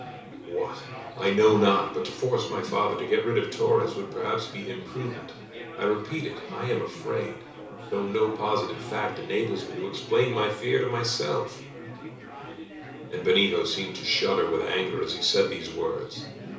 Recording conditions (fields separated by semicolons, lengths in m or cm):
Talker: one person; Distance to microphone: 3.0 m; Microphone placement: far; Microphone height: 1.8 m; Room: small (3.7 m by 2.7 m); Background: babble